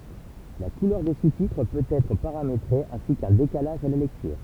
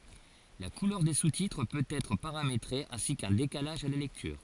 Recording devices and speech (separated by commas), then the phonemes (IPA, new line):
temple vibration pickup, forehead accelerometer, read sentence
la kulœʁ de sustitʁ pøt ɛtʁ paʁametʁe ɛ̃si kœ̃ dekalaʒ a la lɛktyʁ